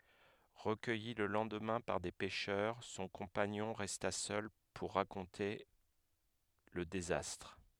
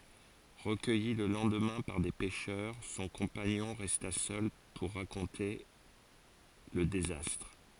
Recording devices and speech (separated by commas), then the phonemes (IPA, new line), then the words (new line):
headset microphone, forehead accelerometer, read sentence
ʁəkœji lə lɑ̃dmɛ̃ paʁ de pɛʃœʁ sɔ̃ kɔ̃paɲɔ̃ ʁɛsta sœl puʁ ʁakɔ̃te lə dezastʁ
Recueilli le lendemain par des pêcheurs, son compagnon resta seul pour raconter le désastre.